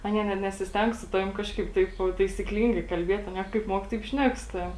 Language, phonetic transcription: Lithuanian, ˈanie net nesisˈteng su ˈtavim ˈkažkaip ˈtaip taisikˈlyngai kalˈbiet' aˈnie kaip ˈmuok taip ˈšnek su ˈtavim

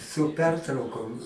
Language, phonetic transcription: Lithuanian, su ˈpertraukom

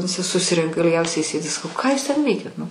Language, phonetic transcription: Lithuanian, viˈsi suˈsirenka ilˈgiausiai ˈsėdi saˈkau ˈką jūs ˈten ˈveikiat nu

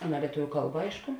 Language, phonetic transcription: Lithuanian, ˈaˌna lieˈtuviu ˈkalba ˈaišku

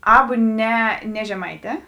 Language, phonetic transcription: Lithuanian, ˈabu ˈne ne žeˈmaiˌtē

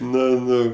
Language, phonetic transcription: Lithuanian, ˈnu ˈnu

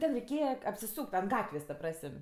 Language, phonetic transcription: Lithuanian, ˈten reiˈkėja apsiˈsūk't' ant ˈgatvės ta ˈprasəm'

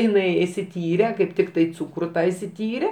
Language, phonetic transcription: Lithuanian, iˈnai išsiˈtyre kaip ˈtiktai ˈcūkru ˈtą išsiˈtyre

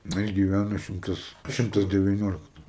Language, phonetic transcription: Lithuanian, ˈnu jis giˈvæno ˈšimtas ˈšimtas devyˈniolikto

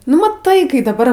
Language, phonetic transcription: Lithuanian, nu maˈtai ˈkai daˈbar

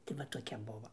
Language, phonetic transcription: Lithuanian, tai va toˈkia ˈbuvo

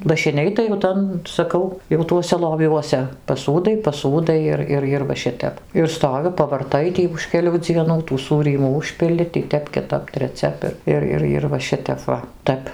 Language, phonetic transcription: Lithuanian, lašiˈniai tai jau ˈtan saˈkau jau ˈtuose loˈviuose paˈsūdai paˈsūdai ir ˈir ir va ˈšitep ir ˈstovi pavarˈtai ˈtį už keˈlių dzieˈnų tų ˈsūrymų ˈužpili tį ˈtep kiˈtap treˈciap ir ˈir ˈir ˈir va ˈšitep ˈva ˈtæp

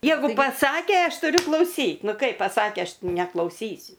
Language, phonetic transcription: Lithuanian, ˈjeigu paˈsakė ˈaš tuˈriu klauˈsyt ˈnu ˈkaip paˈsakė ˈaš neklauˈsysiu

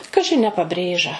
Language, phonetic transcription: Lithuanian, ˈkaži a ne paˈbrėža

